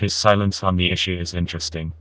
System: TTS, vocoder